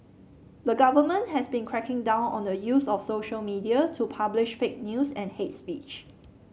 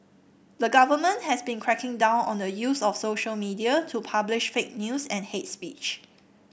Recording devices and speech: mobile phone (Samsung C7), boundary microphone (BM630), read sentence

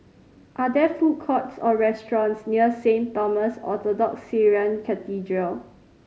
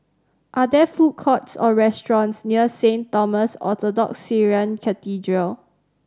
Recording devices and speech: mobile phone (Samsung C5010), standing microphone (AKG C214), read sentence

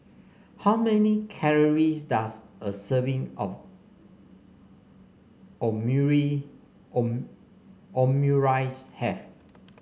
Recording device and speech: mobile phone (Samsung C5), read sentence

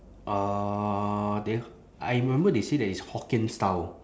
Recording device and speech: standing microphone, conversation in separate rooms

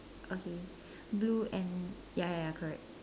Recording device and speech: standing microphone, conversation in separate rooms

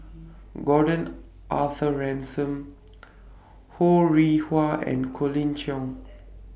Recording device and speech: boundary microphone (BM630), read sentence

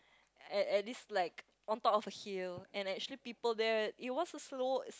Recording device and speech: close-talking microphone, conversation in the same room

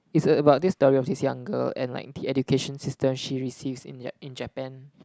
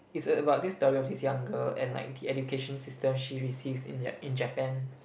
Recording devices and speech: close-talking microphone, boundary microphone, conversation in the same room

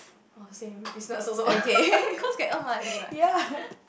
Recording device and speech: boundary microphone, conversation in the same room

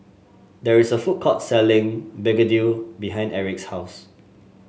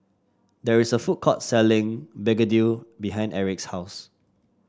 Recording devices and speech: mobile phone (Samsung S8), standing microphone (AKG C214), read sentence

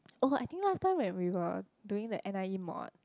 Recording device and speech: close-talking microphone, conversation in the same room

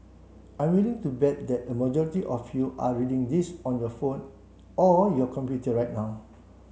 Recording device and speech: mobile phone (Samsung C7), read sentence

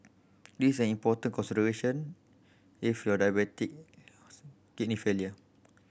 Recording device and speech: boundary microphone (BM630), read sentence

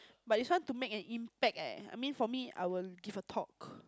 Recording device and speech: close-talking microphone, conversation in the same room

